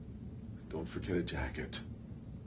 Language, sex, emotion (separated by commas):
English, male, fearful